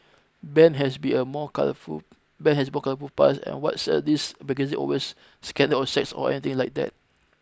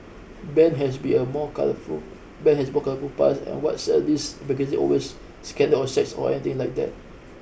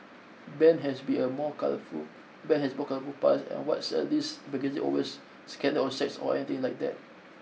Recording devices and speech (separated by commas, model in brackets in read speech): close-talking microphone (WH20), boundary microphone (BM630), mobile phone (iPhone 6), read sentence